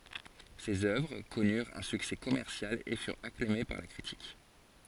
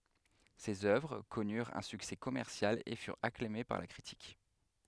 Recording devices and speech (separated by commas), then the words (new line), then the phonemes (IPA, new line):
forehead accelerometer, headset microphone, read sentence
Ses œuvres connurent un succès commercial et furent acclamées par la critique.
sez œvʁ kɔnyʁt œ̃ syksɛ kɔmɛʁsjal e fyʁt aklame paʁ la kʁitik